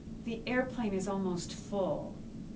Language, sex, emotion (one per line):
English
female
neutral